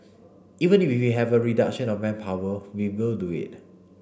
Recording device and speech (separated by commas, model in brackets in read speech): boundary microphone (BM630), read sentence